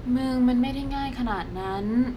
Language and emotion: Thai, frustrated